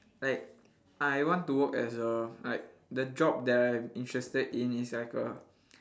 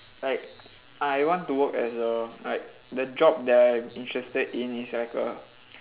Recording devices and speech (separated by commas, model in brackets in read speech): standing microphone, telephone, conversation in separate rooms